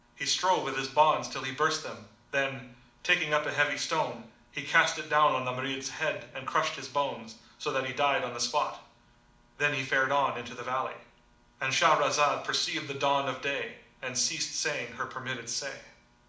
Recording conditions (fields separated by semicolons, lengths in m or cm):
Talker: one person; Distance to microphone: 2.0 m; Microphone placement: close; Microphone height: 99 cm; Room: medium-sized (5.7 m by 4.0 m); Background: none